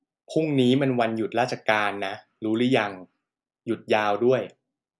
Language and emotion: Thai, neutral